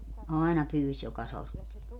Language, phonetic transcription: Finnish, 'àina 'pyyś joka 'sortti(e) .
- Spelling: aina pyysi joka sorttia

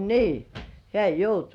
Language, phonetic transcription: Finnish, nii , 'hĕä̀ "joutu .
- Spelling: niin hän joutui

